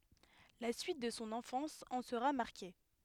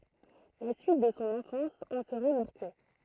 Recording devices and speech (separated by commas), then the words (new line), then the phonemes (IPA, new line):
headset microphone, throat microphone, read sentence
La suite de son enfance en sera marquée.
la syit də sɔ̃ ɑ̃fɑ̃s ɑ̃ səʁa maʁke